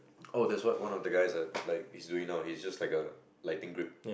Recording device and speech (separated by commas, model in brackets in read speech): boundary microphone, conversation in the same room